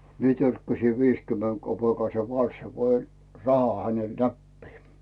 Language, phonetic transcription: Finnish, mie törkkäsi viskymmeŋ kopèkaise 'kan̬ssa ko oĺ 'raha hänel "näppii .
- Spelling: minä törkkäsin - viisikymmenkopeekkaisen kanssa kun oli rahaa hänelle näppiin

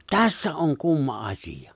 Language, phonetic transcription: Finnish, tässä '’oŋ 'kumma '’as̀ija .
- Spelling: tässä on kumma asia

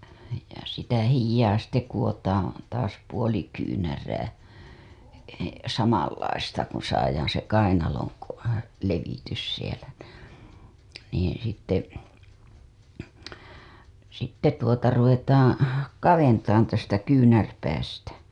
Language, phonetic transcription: Finnish, ja sitä 'hijjaa kuWotaaa̰ , taas 'puoli kyynärää , 'samanlaista kun̬ saajaan̬ se 'kainaloŋ ko- , levitys sielä n- , niiḭ sitte , sitte tuota ruvetaaŋ , "kaventaan tästä 'kyynärpäästä .
- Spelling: ja sitä hihaa kudotaan taas puoli kyynärää samanlaista kuin saadaan se kainalon - levitys siellä - niin sitten sitten tuota ruvetaan kaventamaan tästä kyynärpäästä

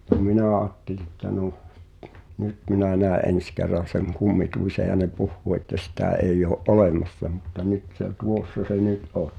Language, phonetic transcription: Finnish, [mut]ta "minä̀ aatteli ‿ttä 'noh , "nyt minä 'nä̀e '’en̬s ker̆ran̬ seŋ "kummituise ja ne "puhhuu että sitä̀ '’eij ‿oo’ "’olèmassa mutta 'nyt se , "tuosso̳ se 'nyt '’on .
- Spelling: mutta minä ajattelin että no nyt minä näen ensi kerran sen kummituksen ja ne puhuu että sitä ei ole olemassa mutta nyt se tuossa se nyt on

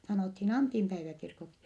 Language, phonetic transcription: Finnish, sanòthin Antimpäiväkirkoksi .
- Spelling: sanottiin Antinpäiväkirkoksi

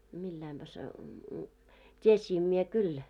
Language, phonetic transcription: Finnish, milläimpä se , 't́iesiim mie 'kyl .
- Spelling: millä laillapa se tiesin minä kyllä

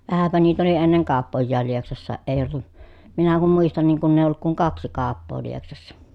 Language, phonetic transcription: Finnish, vähäpä niit ‿oli enneŋ kàoppojjaal Lieksassaaʼ ʼè ollu(t) , minä kum muistan niiŋ kunn ‿èiʲ ‿olluk kuŋ kaksi kaappoo Lieksassa .
- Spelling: vähänpä niitä oli ennen kauppojakin Lieksassa ei ollut minä kun muistan niin kun ei ollut kuin kaksi kauppaa Lieksassa

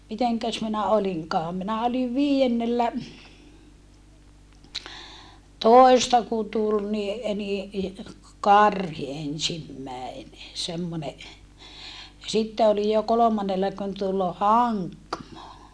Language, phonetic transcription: Finnish, miteŋkäs minä oliŋkaam minä oliv vii₍ennellä- , -tòista ku tul ni , ni , karhi ensimmäene , semmone , ja sitte olij jo kolomannella kun tul haŋkmo .
- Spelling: mitenkäs minä olinkaan minä olin viidennellätoista kun tuli niin niin karhi ensimmäinen semmoinen ja sitten olin jo kolmannella kun tuli hankmo

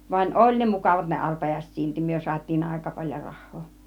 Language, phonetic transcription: Finnish, vań "ˀoĺ ne 'mukavat ne 'arpajàiset silti 'myö suat́̆tiin 'àika paĺjo 'rah̆hoo .
- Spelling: vaan oli ne mukavat ne arpajaiset silti me saatiin aika paljon rahaa

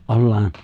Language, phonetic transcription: Finnish, '’ollaan ,
- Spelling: ollaan

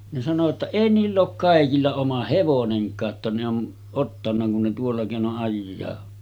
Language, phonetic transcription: Finnish, ne sano ‿tta » 'èi niill ‿ook 'kàekilla oma "hevoneŋk̆kaa ‿tta ne on , ottanna kun ne 'tuolla kèino’ ’ajjaa « .
- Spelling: ne sanoi jotta ei niillä ole kaikilla oma hevonenkaan jotta ne on ottanut kun ne tuolla keinoin ajaa

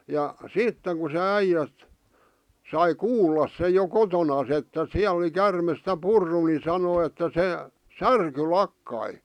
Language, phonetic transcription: Finnish, ja , "sitteŋ ku se 'äijät̳ , sai "kuullas sej jo 'kotonas että "siäl ‿ᵒli 'kärmes ˢtä "purru ni sanoi että 'se , "särky "lakkai .
- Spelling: ja sitten kun se äijät sai kuulla sen jo kotonaan että siellä oli käärme sitä purrut niin sanoi että se särky lakkasi

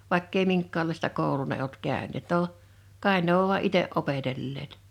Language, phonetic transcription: Finnish, 'vàikk ‿ei 'miŋkka̳a̳llaista 'kòul̀ù ne olt 'kä̀ön̆neet no , 'kàe ne ‿ov vua "’ite’ '’opetelleet .
- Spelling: vaikka ei minkäänlaista koulua ne ollut käyneet no kai ne on vain itse opetelleet

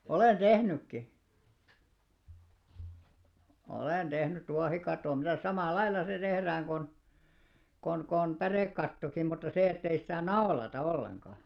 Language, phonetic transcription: Finnish, 'olen "tehnykki , 'olèn 'tehnyt 'tuahikat̆tò mitä̀s 'samàl"lailla se tehrääŋ kon , kon kon 'pärèkkattokim mutta se ettei sitä "naolata 'olleŋka .
- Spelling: olen tehnytkin olen tehnyt tuohikaton mitäs samalla lailla se tehdään kuin kuin kuin pärekattokin mutta se että ei sitä naulata ollenkaan

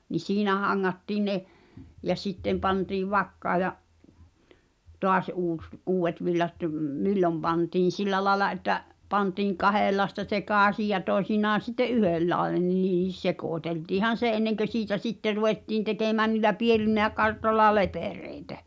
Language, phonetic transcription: Finnish, ni "siinä haŋŋattii ne , ja 'sittem pantiiv "vakkaa ja , "toas '’uus , 'uuwet villat (m-) , "millom pantiin̬ "sil̆lä laĕla ’että’ , pantiiŋ "kahèllaesta "sekàsij ja 'tòi̬sinaan̬ sitte’ "’yhellàene(n n)iis̳ "sekòteltiihan̬ 'se '’enneŋkö siitä "sitte 'ruwettiin 'tekèmään ni̳l̆lä "piel̳in̳ä 'kartoĺla "lepèrèi̬tä .
- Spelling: niin siinä hangattiin ne ja sitten pantiin vakkaan ja taas uusi uudet villat - milloin pantiin sillä lailla että pantiin kahdenlaista sekaisin ja toisinaan sitten yhdenlainen niin sekoiteltiinhan se ennen kuin siitä sitten ruvettiin tekemään niillä pienillä kartoilla lepereitä

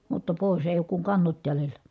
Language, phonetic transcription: Finnish, mutta pòis , èij ‿ook kuŋ kannot jälelä .
- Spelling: mutta pois ei ole kuin kannot jäljellä

